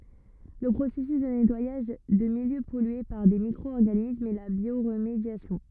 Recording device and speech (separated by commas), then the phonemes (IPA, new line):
rigid in-ear microphone, read sentence
lə pʁosɛsys də nɛtwajaʒ də miljø pɔlye paʁ de mikʁo ɔʁɡanismz ɛ la bjoʁmedjasjɔ̃